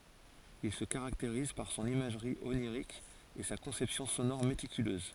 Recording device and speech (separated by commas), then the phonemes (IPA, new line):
forehead accelerometer, read sentence
il sə kaʁakteʁiz paʁ sɔ̃n imaʒʁi oniʁik e sa kɔ̃sɛpsjɔ̃ sonɔʁ metikyløz